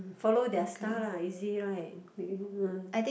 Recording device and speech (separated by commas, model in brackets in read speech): boundary microphone, conversation in the same room